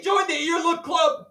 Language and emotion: English, surprised